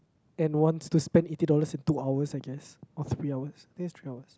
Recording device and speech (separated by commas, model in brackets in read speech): close-talking microphone, conversation in the same room